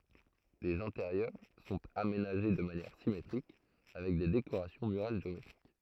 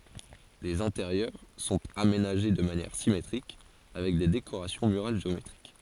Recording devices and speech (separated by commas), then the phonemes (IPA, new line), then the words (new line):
throat microphone, forehead accelerometer, read sentence
lez ɛ̃teʁjœʁ sɔ̃t amenaʒe də manjɛʁ simetʁik avɛk de dekoʁasjɔ̃ myʁal ʒeometʁik
Les intérieurs sont aménagés de manière symétriques, avec des décorations murales géométriques.